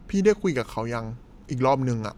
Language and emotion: Thai, neutral